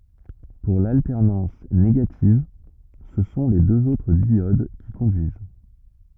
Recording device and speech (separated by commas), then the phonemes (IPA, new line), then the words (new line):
rigid in-ear microphone, read sentence
puʁ laltɛʁnɑ̃s neɡativ sə sɔ̃ le døz otʁ djod ki kɔ̃dyiz
Pour l'alternance négative, ce sont les deux autres diodes qui conduisent.